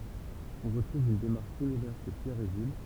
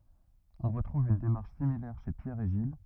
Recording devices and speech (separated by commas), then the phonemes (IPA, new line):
temple vibration pickup, rigid in-ear microphone, read sentence
ɔ̃ ʁətʁuv yn demaʁʃ similɛʁ ʃe pjɛʁ e ʒil